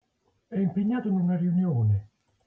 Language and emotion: Italian, neutral